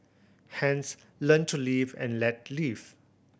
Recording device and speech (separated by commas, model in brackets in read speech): boundary microphone (BM630), read sentence